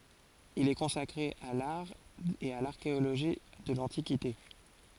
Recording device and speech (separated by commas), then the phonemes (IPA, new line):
forehead accelerometer, read sentence
il ɛ kɔ̃sakʁe a laʁ e a laʁkeoloʒi də lɑ̃tikite